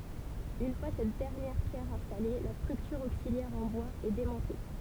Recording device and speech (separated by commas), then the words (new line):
temple vibration pickup, read sentence
Une fois cette dernière pierre installée, la structure auxiliaire en bois est démontée.